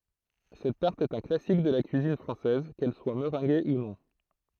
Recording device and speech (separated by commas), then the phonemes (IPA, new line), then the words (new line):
throat microphone, read sentence
sɛt taʁt ɛt œ̃ klasik də la kyizin fʁɑ̃sɛz kɛl swa məʁɛ̃ɡe u nɔ̃
Cette tarte est un classique de la cuisine française, qu'elle soit meringuée ou non.